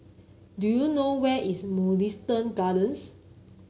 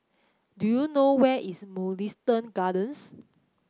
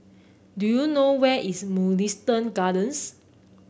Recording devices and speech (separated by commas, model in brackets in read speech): mobile phone (Samsung C9), close-talking microphone (WH30), boundary microphone (BM630), read sentence